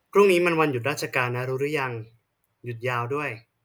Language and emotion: Thai, neutral